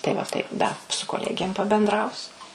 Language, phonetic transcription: Lithuanian, tai va ˈtaip ˈda su koˈlegėm pabenˈdrausiu

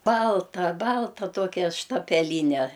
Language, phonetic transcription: Lithuanian, ˈbalta ˈbalta ˈtokia štapeˈlyne

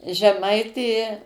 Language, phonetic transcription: Lithuanian, žeˈmaitė

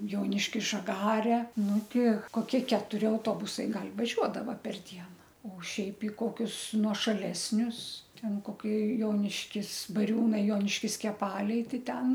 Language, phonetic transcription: Lithuanian, ˈjoniškis žaˈgare ˈnu ˈti koˈkie ketuˈri auˈtobusai ˈgal' vaˈžiuodava per ˈdiena o ˈšiaip i ˈkokius nuošaˈlesnius ˈten koˈkie ˈjoniškis baˈriūnai ˈjoniškis keˈpaliai ˈtai ˈten

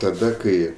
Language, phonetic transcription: Lithuanian, taˈda ˈkai

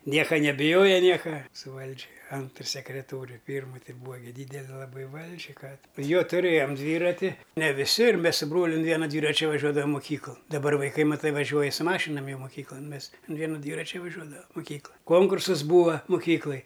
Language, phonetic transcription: Lithuanian, ˈnieka nebiˈjoja ˈnieka su ˈvaldži ˈantr sekreˈtoriu ˈpyrmu ˈti ˈbūa ˈdydeli laˈbai ˈvaldži ˈką jo tuˈrėjom ˈdvyrati ne viˈsi ir ˈmes su ˈbroliu un ˈviena ˈdvyračia vaˈžiuodavam moˈkyklan dabˈar vaiˈkai maˈtai vaˈžiuoja su ˈmašinam ˈjau moˈkyklan ˈmes an ˈvienu ˈdvyračia vaˈžiuodavam moˈkykla ˈkonkursas ˈbūva moˈkyklaj

